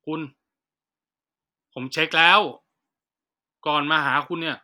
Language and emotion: Thai, frustrated